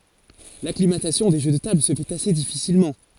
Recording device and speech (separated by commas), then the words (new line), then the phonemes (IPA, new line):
forehead accelerometer, read sentence
L'acclimatation des jeux de tables se fait assez difficilement.
laklimatasjɔ̃ de ʒø də tabl sə fɛt ase difisilmɑ̃